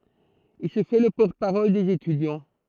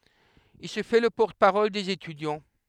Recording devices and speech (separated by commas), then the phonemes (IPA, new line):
throat microphone, headset microphone, read sentence
il sə fɛ lə pɔʁt paʁɔl dez etydjɑ̃